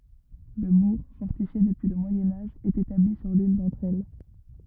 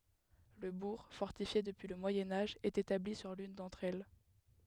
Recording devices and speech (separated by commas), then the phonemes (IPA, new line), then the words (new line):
rigid in-ear microphone, headset microphone, read sentence
lə buʁ fɔʁtifje dəpyi lə mwajɛ̃ aʒ ɛt etabli syʁ lyn dɑ̃tʁ ɛl
Le bourg, fortifié depuis le Moyen Âge, est établi sur l'une d'entre elles.